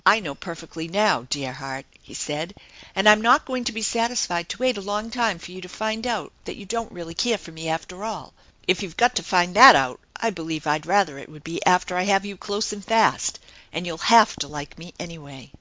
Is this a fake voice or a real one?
real